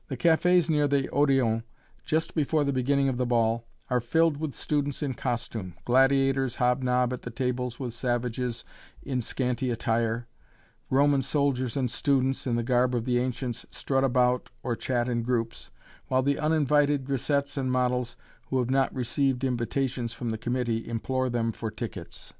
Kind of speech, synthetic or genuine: genuine